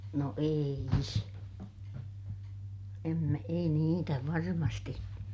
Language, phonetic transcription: Finnish, no ei s- , em mä , ei niitä varmasti .
- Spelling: no ei - en minä ei niitä varmasti

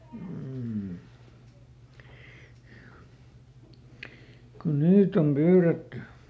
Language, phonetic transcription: Finnish, m̥ , kun "niit ‿om ˈpyyretty .
- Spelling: mm kun niitä on pyydetty

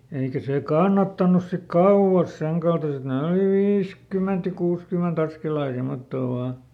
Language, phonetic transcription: Finnish, ˈeikä sè "kannattanus sik "kauʷas ˈseŋkaltaset ne oli "viiskyment ja ˈkuuskyment ‿askelaa ja ˈsemottoo ˈvaa .
- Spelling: eikä se kannattanut sitten kauas senkaltaiset ne oli viisikymmentä ja kuusikymmentä askelta ja semmottoon vain

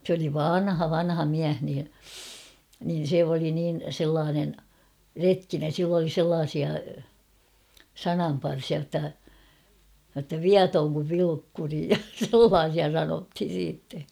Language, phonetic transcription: Finnish, s ‿oli "vanha 'vanha 'miäh nii , nin̬ 'se oli niin̬ 'sellaanen , "retkinen̬ sill ‿oli 'sellaasia , "sanamparsia jotta , jotta "viatooŋ kuv 'Vilukkuri ja "sellaasia 'sanothin̬ siitte .
- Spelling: se oli vanha vanha mies niin niin se oli niin sellainen retkinen sillä oli sellaisia sananparsia jotta jotta viaton kuin Vilukkuri ja sellaisia sanottiin sitten

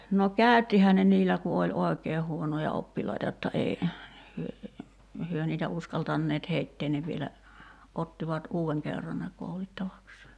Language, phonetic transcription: Finnish, no "kä̀y̬ttihää ne 'niillä ku oĺ "òekeeh huonoja 'oppilaita jotta 'ei , hyö , 'hyö niitä 'uskaltanneet "heitteen ne vielä , 'ottivat 'uu₍eŋ kerran ne 'koulittavaksee .
- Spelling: no käyttihän ne niillä kun oli oikein huonoja oppilaita jotta ei he he niitä uskaltaneet heitä ne vielä ottivat uuden kerran ne koulittavakseen

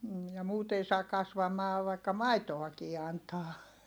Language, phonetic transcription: Finnish, m̥ , ja muut ‿ei saa kasvamaa vaikka maitoakii antaa .
- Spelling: - ja muut ei saa kasvamaan vaikka maitoakin antaa

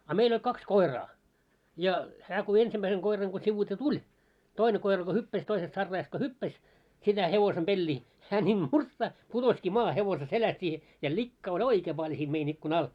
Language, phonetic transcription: Finnish, a 'meil ‿oĺ 'kaks "koi̬raa , ja hää ko 'ensimmäiseŋ 'koiraŋ ko sivuite "tuĺ , 'toine 'koi̬ra ko "hyppäs toisest 'sarraajast ko "hyppäs , sitä 'hevosem 'ʙeĺĺii , hää ńiim 'murtsahᵗ , 'putoski maahe hevose 'seläst i , ja 'likkaa oĺ "oikee paĺ siim mein ‿ikku'n ‿al .
- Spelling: a meillä oli kaksi koiraa ja hän kun ensimmäisen koiran kun sivuitse tuli toinen koira kun hyppäsi toisesta sarraajasta kun hyppäsi sitä hevosen peliä hän niin murtsahti putosikin maahan hevosen selästä - ja likkaa oli oikein paljon siinä meidän ikkunan alla

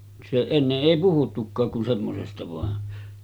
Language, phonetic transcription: Finnish, se 'enneˀ 'ˀèi puhuttukkaak kun 'semmosesta vàen .
- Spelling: se ennen ei puhuttukaan kuin semmoisesta vain

